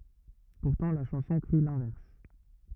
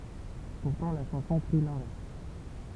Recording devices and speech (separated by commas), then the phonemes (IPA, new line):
rigid in-ear microphone, temple vibration pickup, read sentence
puʁtɑ̃ la ʃɑ̃sɔ̃ kʁi lɛ̃vɛʁs